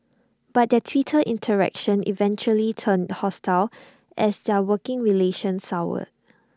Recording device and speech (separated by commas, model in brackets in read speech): standing microphone (AKG C214), read sentence